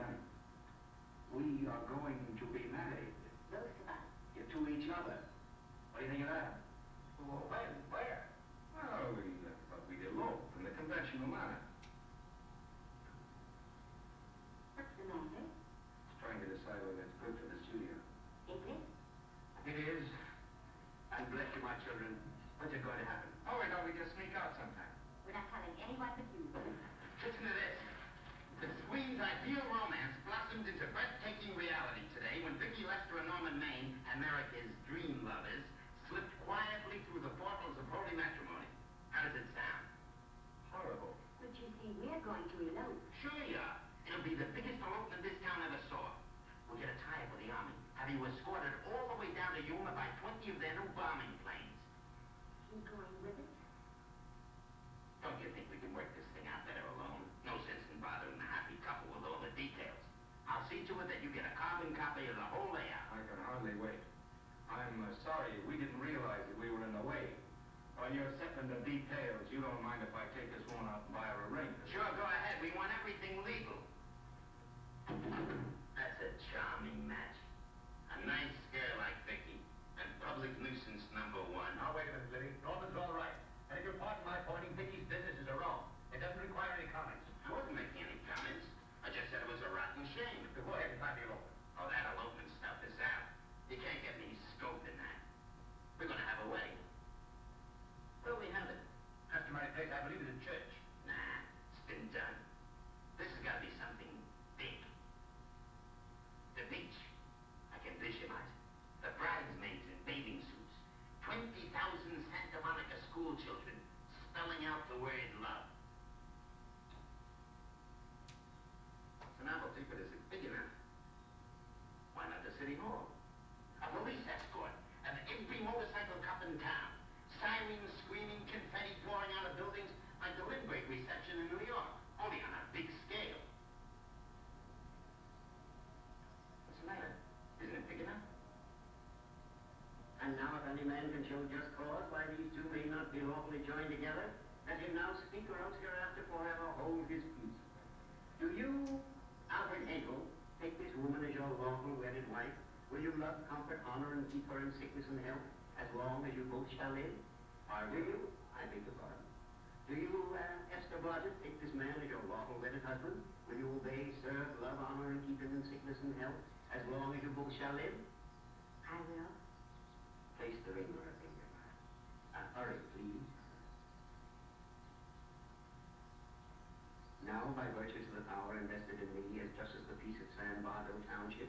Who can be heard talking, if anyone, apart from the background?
No one.